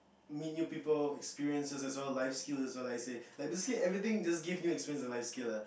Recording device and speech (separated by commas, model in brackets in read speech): boundary microphone, conversation in the same room